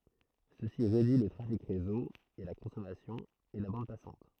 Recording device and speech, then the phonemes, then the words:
throat microphone, read sentence
səsi ʁedyi lə tʁafik ʁezo e la kɔ̃sɔmasjɔ̃ e la bɑ̃d pasɑ̃t
Ceci réduit le trafic réseau et la consommation et la bande passante.

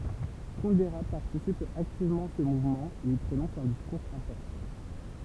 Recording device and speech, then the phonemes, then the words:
temple vibration pickup, read sentence
kundɛʁə paʁtisip aktivmɑ̃ a sə muvmɑ̃ e i pʁonɔ̃s œ̃ diskuʁz ɛ̃pɔʁtɑ̃
Kundera participe activement à ce mouvement et y prononce un discours important.

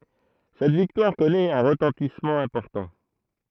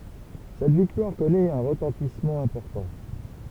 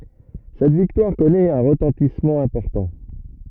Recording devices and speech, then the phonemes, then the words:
throat microphone, temple vibration pickup, rigid in-ear microphone, read sentence
sɛt viktwaʁ kɔnɛt œ̃ ʁətɑ̃tismɑ̃ ɛ̃pɔʁtɑ̃
Cette victoire connaît un retentissement important.

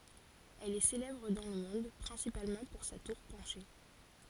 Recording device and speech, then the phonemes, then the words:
forehead accelerometer, read sentence
ɛl ɛ selɛbʁ dɑ̃ lə mɔ̃d pʁɛ̃sipalmɑ̃ puʁ sa tuʁ pɑ̃ʃe
Elle est célèbre dans le monde principalement pour sa tour penchée.

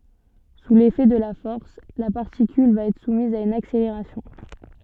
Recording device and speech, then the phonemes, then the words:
soft in-ear microphone, read sentence
su lefɛ də la fɔʁs la paʁtikyl va ɛtʁ sumiz a yn akseleʁasjɔ̃
Sous l'effet de la force, la particule va être soumise à une accélération.

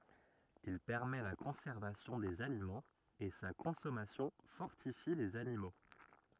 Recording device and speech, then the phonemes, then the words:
rigid in-ear microphone, read sentence
il pɛʁmɛ la kɔ̃sɛʁvasjɔ̃ dez alimɑ̃z e sa kɔ̃sɔmasjɔ̃ fɔʁtifi lez animo
Il permet la conservation des aliments et sa consommation fortifie les animaux.

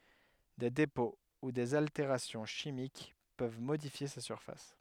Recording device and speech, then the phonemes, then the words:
headset microphone, read sentence
de depɔ̃ u dez alteʁasjɔ̃ ʃimik pøv modifje sa syʁfas
Des dépôts ou des altérations chimiques peuvent modifier sa surface.

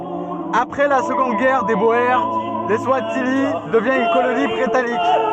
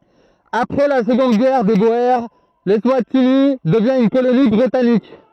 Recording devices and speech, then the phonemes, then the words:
soft in-ear microphone, throat microphone, read sentence
apʁɛ la səɡɔ̃d ɡɛʁ de boe lɛswatini dəvjɛ̃ yn koloni bʁitanik
Après la Seconde Guerre des Boers, l'Eswatini devient une colonie britannique.

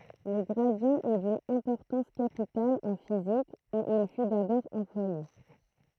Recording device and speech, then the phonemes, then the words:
throat microphone, read sentence
lə ɡʁadi ɛ dyn ɛ̃pɔʁtɑ̃s kapital ɑ̃ fizik u il fy dabɔʁ ɑ̃plwaje
Le gradient est d'une importance capitale en physique, où il fut d'abord employé.

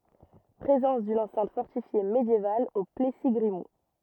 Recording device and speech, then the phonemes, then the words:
rigid in-ear microphone, read sentence
pʁezɑ̃s dyn ɑ̃sɛ̃t fɔʁtifje medjeval o plɛsi ɡʁimult
Présence d’une enceinte fortifiée médiévale au Plessis-Grimoult.

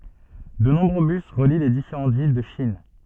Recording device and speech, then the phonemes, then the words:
soft in-ear microphone, read sentence
də nɔ̃bʁø bys ʁəli le difeʁɑ̃ vil də ʃin
De nombreux bus relient les différents villes de Chine.

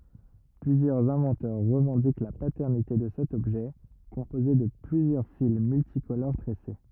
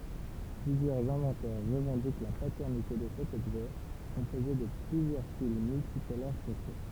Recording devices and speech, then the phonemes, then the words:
rigid in-ear microphone, temple vibration pickup, read sentence
plyzjœʁz ɛ̃vɑ̃tœʁ ʁəvɑ̃dik la patɛʁnite də sɛt ɔbʒɛ kɔ̃poze də plyzjœʁ fil myltikoloʁ tʁɛse
Plusieurs inventeurs revendiquent la paternité de cet objet composé de plusieurs fils multicolores tressés.

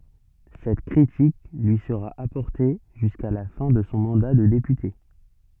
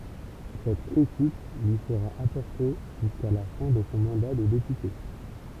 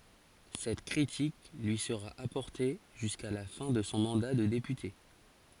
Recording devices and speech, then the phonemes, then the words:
soft in-ear microphone, temple vibration pickup, forehead accelerometer, read sentence
sɛt kʁitik lyi səʁa apɔʁte ʒyska la fɛ̃ də sɔ̃ mɑ̃da də depyte
Cette critique lui sera apportée jusqu'à la fin de son mandat de député.

